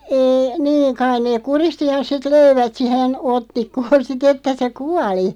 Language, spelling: Finnish, ei niin kai ne kuristi ja sitten löivät siihen otsikkoon sitten että se kuoli
- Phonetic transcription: 'eei , "niiŋ 'kain neeᵏ "kuristi ja 'sit "löivät sihen , 'ottikkoon "sit ‿että se "kuali .

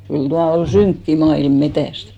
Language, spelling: Finnish, kyllä tuo oli synkkä maailma metsästä
- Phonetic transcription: kyl 'tua 'ol "syŋkki 'ma₍ilm 'metä̀st !

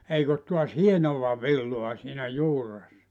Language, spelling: Finnish, eikä ole taas hienoa villaa siinä juuressa
- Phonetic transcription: 'eik ‿ot tuas "hienova "villoa siinä 'juuressa .

